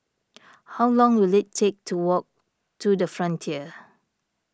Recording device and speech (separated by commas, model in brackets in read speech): standing microphone (AKG C214), read sentence